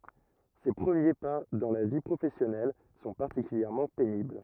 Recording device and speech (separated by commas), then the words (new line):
rigid in-ear microphone, read sentence
Ses premiers pas dans la vie professionnelle sont particulièrement pénibles.